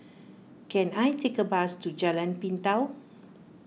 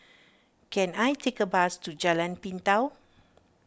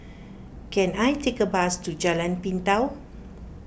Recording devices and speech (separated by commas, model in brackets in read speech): mobile phone (iPhone 6), standing microphone (AKG C214), boundary microphone (BM630), read sentence